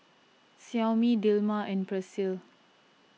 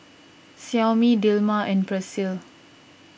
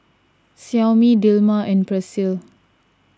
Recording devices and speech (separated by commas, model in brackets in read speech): mobile phone (iPhone 6), boundary microphone (BM630), standing microphone (AKG C214), read sentence